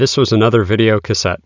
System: none